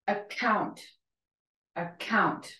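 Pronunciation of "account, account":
In 'account', the c sound is aspirated and pushed out hard with an exaggerated puff of air.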